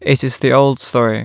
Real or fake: real